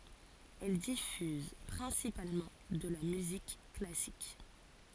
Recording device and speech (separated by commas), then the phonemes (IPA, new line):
forehead accelerometer, read sentence
ɛl difyz pʁɛ̃sipalmɑ̃ də la myzik klasik